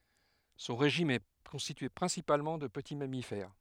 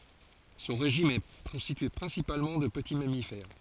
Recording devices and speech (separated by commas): headset microphone, forehead accelerometer, read sentence